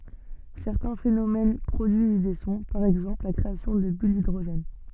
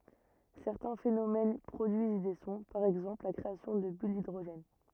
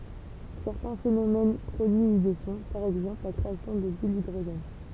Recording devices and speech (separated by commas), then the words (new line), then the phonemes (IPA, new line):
soft in-ear microphone, rigid in-ear microphone, temple vibration pickup, read sentence
Certains phénomènes produisent des sons, par exemple la création de bulles d'hydrogène.
sɛʁtɛ̃ fenomɛn pʁodyiz de sɔ̃ paʁ ɛɡzɑ̃pl la kʁeasjɔ̃ də byl didʁoʒɛn